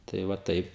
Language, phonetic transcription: Lithuanian, tai va ˈtaip

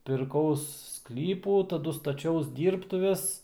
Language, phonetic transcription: Lithuanian, pirˈkaus ˈsklypų taˈdu staˈčiaus ˈdyrbtuves

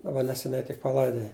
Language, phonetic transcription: Lithuanian, daˈba neseˈniai tik paˈlaidoja

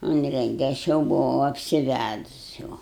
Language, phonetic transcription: Lithuanian, ˈunrenge ˈaš jau buˈvau apsiˈvædus jau

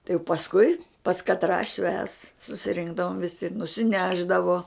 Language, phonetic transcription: Lithuanian, tai jau pasˈkui pas katˈrą švęs susiˈrinkdavom viˈsi nusiˈnešdavo

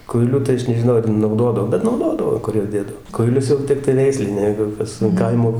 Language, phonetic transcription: Lithuanian, kuiˈliu tai ˈaš nežiˈnau ar nauˈdodav bet nauˈdodavo ˈkur juos ˈdėdav kuiˈlius jau ˈtiktai ˈveisliniai ˈjeigu ˈkas an ˈkaimo

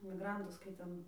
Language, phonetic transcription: Lithuanian, miˈgrantus kai ˈten

